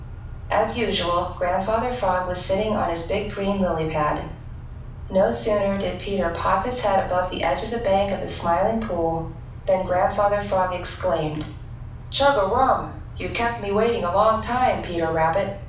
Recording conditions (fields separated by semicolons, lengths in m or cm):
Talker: one person; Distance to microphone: 5.8 m; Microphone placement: far; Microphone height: 1.8 m; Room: medium-sized (5.7 m by 4.0 m); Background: none